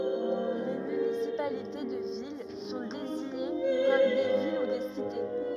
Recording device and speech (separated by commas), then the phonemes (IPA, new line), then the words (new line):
rigid in-ear microphone, read sentence
le mynisipalite də vil sɔ̃ deziɲe kɔm de vil u de site
Les municipalités de villes sont désignées comme des villes ou des cités.